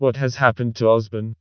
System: TTS, vocoder